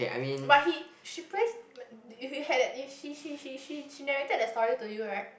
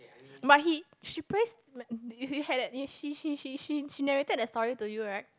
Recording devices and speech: boundary microphone, close-talking microphone, conversation in the same room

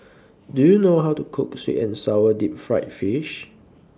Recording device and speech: standing microphone (AKG C214), read sentence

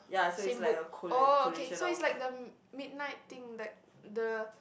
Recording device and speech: boundary microphone, conversation in the same room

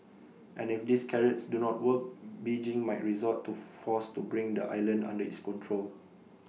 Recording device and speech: mobile phone (iPhone 6), read sentence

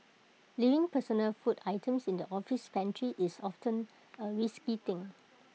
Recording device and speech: mobile phone (iPhone 6), read sentence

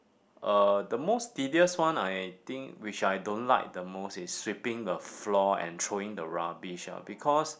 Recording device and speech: boundary microphone, conversation in the same room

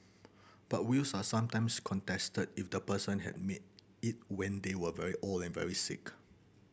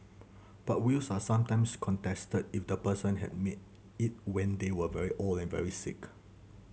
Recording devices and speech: boundary microphone (BM630), mobile phone (Samsung C7100), read sentence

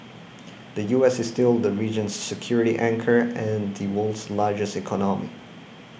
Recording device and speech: boundary microphone (BM630), read sentence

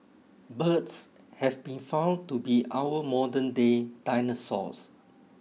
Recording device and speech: mobile phone (iPhone 6), read sentence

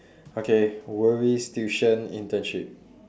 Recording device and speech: standing microphone, conversation in separate rooms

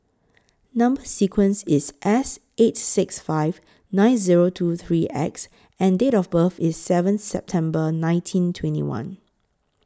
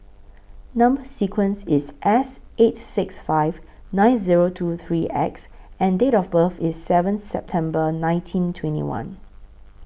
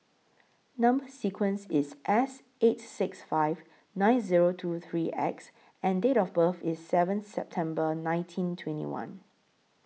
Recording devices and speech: close-talking microphone (WH20), boundary microphone (BM630), mobile phone (iPhone 6), read sentence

